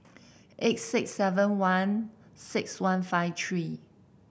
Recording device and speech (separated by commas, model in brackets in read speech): boundary microphone (BM630), read sentence